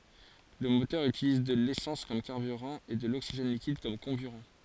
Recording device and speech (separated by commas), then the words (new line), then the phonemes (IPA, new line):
forehead accelerometer, read sentence
Le moteur utilise de l'essence comme carburant et de l'oxygène liquide comme comburant.
lə motœʁ ytiliz də lesɑ̃s kɔm kaʁbyʁɑ̃ e də loksiʒɛn likid kɔm kɔ̃byʁɑ̃